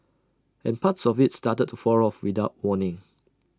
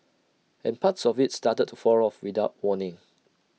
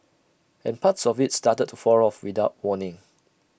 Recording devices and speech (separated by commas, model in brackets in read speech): standing microphone (AKG C214), mobile phone (iPhone 6), boundary microphone (BM630), read sentence